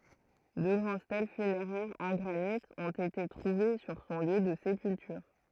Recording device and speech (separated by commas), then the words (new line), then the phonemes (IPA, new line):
throat microphone, read sentence
Deux grandes stèles funéraires en granit ont été trouvées sur son lieu de sépulture.
dø ɡʁɑ̃d stɛl fyneʁɛʁz ɑ̃ ɡʁanit ɔ̃t ete tʁuve syʁ sɔ̃ ljø də sepyltyʁ